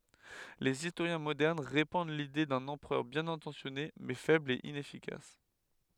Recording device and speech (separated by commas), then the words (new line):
headset microphone, read sentence
Les historiens modernes répandent l'idée d'un empereur bien intentionné mais faible et inefficace.